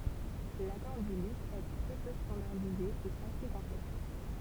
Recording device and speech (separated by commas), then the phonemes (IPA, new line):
temple vibration pickup, read sentence
lakɔʁ dy ly ɛ tʁɛ pø stɑ̃daʁdize e ase kɔ̃plɛks